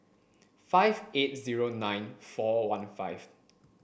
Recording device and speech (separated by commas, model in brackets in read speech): boundary microphone (BM630), read sentence